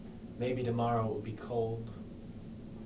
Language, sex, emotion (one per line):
English
male
neutral